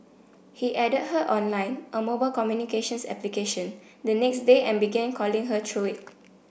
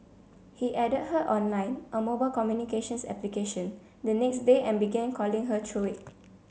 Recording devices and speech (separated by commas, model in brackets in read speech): boundary microphone (BM630), mobile phone (Samsung C7), read sentence